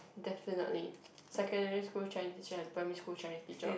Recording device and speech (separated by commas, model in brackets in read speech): boundary microphone, conversation in the same room